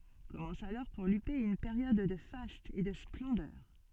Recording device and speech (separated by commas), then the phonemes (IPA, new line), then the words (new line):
soft in-ear microphone, read sentence
kɔmɑ̃s alɔʁ puʁ lype yn peʁjɔd də fastz e də splɑ̃dœʁ
Commence alors pour Lupé une période de fastes et de splendeur.